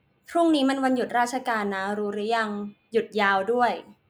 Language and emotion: Thai, neutral